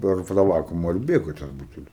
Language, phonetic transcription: Lithuanian, ˈper ta ˈvakuma ir ˈbėga tas ˈbutelis

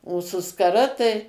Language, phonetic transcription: Lithuanian, o su skaˈra tai

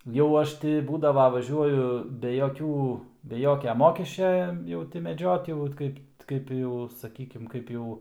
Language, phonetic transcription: Lithuanian, jau ˈaš ti ˈbūdava vaˈžiuoju be joˈkių be ˈjokia ˈmokesčia ˈjau ti meˈdžiot jau vat ˈkaip ˈkaip jau saˈkykim ˈkaip jau

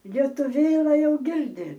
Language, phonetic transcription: Lithuanian, lietuˈvėla ˈjau ˈgirdi

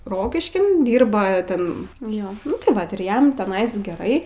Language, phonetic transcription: Lithuanian, ˈrokiškin ˈdyrba ˈten ˈjo tai ˈvat ir ˈjam teˈnais geˈrai

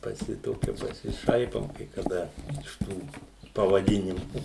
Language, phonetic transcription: Lithuanian, paˈsi ˈtokia pasiˈšaipom kai kaˈda iš ˈtų pavaˈdinimu

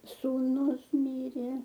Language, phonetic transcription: Lithuanian, sūˈnus ˈmyrė

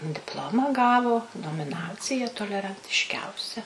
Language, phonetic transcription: Lithuanian, dipˈlomą ˈgavo nomiˈnacija tolerantišˈkiausia

